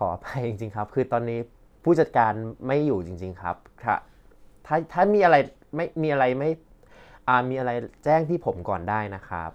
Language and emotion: Thai, frustrated